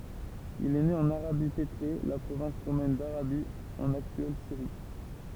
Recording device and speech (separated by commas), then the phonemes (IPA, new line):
temple vibration pickup, read sentence
il ɛ ne ɑ̃n aʁabi petʁe la pʁovɛ̃s ʁomɛn daʁabi ɑ̃n aktyɛl siʁi